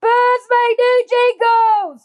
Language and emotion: English, sad